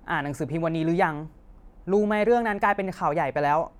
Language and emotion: Thai, angry